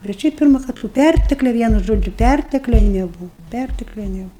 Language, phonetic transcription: Lithuanian, bet ˈšiaip ˈpirma kad to ˈpærteklia ˈvienu ˈžodžiu ˈpærteklia neˈbūv pærteklia neˈbuv

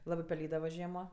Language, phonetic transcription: Lithuanian, ˈlabɜ peˈlydava ˈžiemo

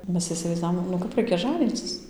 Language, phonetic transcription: Lithuanian, ˈmes isivaizˈdavom nu ˈkap ˈraikia ˈžanycis

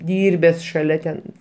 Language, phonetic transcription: Lithuanian, ˈdyrbes šaˈlia ten

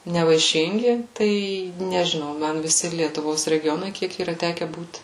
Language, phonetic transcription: Lithuanian, nevaiˈšingi ˈtai nežiˈnau ˈman viˈsi lietuˈvos regiˈjonai ˈkiek yˈra ˈteke būt

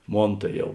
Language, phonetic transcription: Lithuanian, ˈmon tai ˈjau

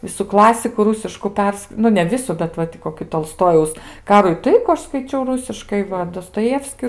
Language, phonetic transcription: Lithuanian, ˈvisu ˈklasiku ˈrūsišku ˈpers ˈnu ne ˈvisu bet ˈva ti koˈki tolˈstojaus ˈkarų i ˈtaikų ˈaš skaiˈčiau ˈrusiškai ˈva dostoˈjevski

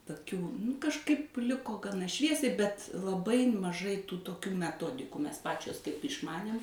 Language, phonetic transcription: Lithuanian, toˈkių nu kažˈkaip ˈliko gaˈna ˈšviesiai bet laˈbai maˈžai tų toˈkių meˈtodikų ˈmes ˈpačios kaip išˈmanėm

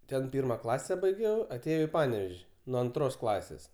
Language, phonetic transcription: Lithuanian, ˈten ˈpirma ˈklase baiˈgiau aˈtėjau i ˈpanevež' nuo anˈtros ˈklasės

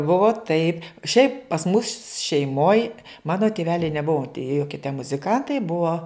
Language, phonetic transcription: Lithuanian, ˈbuvo taip šiaip pas mus šeiˈmoj ˈmano tiˈveliai neˈbuvo tie ˈjokie te muziˈkantai ˈbuo

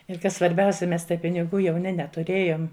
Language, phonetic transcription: Lithuanian, ir ˈkas svarˈbiausia ˈmes tai piniˈgų jauˈni netuˈrėjom

